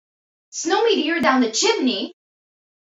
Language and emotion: English, surprised